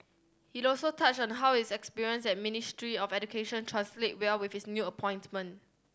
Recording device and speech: standing microphone (AKG C214), read sentence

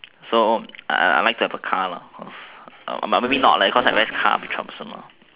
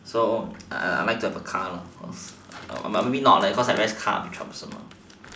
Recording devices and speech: telephone, standing microphone, conversation in separate rooms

